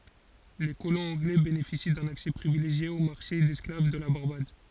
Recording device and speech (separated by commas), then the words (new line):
forehead accelerometer, read sentence
Les colons anglais bénéficient d'un accès privilégié au marché d'esclaves de la Barbade.